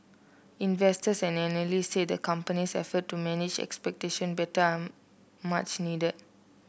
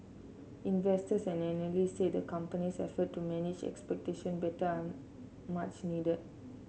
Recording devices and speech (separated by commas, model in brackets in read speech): boundary microphone (BM630), mobile phone (Samsung C7), read sentence